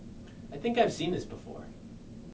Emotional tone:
neutral